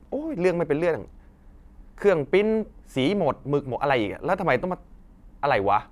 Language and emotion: Thai, frustrated